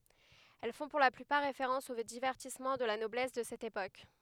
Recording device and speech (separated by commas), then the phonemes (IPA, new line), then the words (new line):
headset microphone, read sentence
ɛl fɔ̃ puʁ la plypaʁ ʁefeʁɑ̃s o divɛʁtismɑ̃ də la nɔblɛs də sɛt epok
Elles font pour la plupart référence aux divertissements de la noblesse de cette époque.